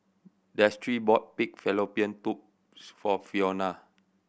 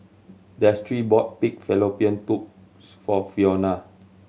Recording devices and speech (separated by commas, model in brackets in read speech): boundary microphone (BM630), mobile phone (Samsung C7100), read sentence